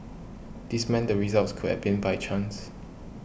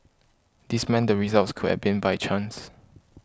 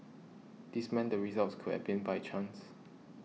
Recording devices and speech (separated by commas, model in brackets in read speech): boundary microphone (BM630), close-talking microphone (WH20), mobile phone (iPhone 6), read sentence